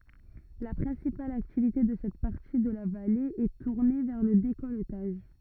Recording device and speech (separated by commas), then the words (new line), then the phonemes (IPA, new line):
rigid in-ear microphone, read sentence
La principale activité de cette partie de la vallée est tournée vers le décolletage.
la pʁɛ̃sipal aktivite də sɛt paʁti də la vale ɛ tuʁne vɛʁ lə dekɔltaʒ